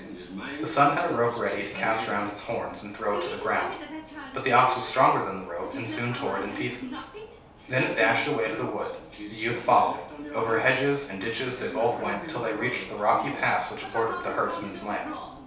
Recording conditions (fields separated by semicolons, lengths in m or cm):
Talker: one person; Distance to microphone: 3.0 m; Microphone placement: far; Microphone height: 1.8 m; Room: small (3.7 m by 2.7 m); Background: television